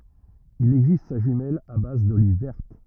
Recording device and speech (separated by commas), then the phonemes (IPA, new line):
rigid in-ear microphone, read sentence
il ɛɡzist sa ʒymɛl a baz doliv vɛʁt